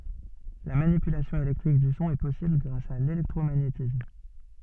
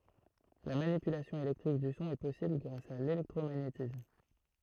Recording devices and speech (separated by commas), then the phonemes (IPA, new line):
soft in-ear microphone, throat microphone, read sentence
la manipylasjɔ̃ elɛktʁik dy sɔ̃ ɛ pɔsibl ɡʁas a lelɛktʁomaɲetism